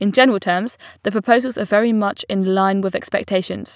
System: none